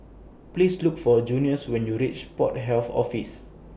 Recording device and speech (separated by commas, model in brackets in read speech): boundary microphone (BM630), read sentence